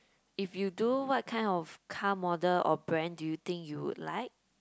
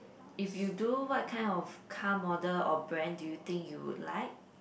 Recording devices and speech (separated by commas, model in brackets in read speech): close-talking microphone, boundary microphone, conversation in the same room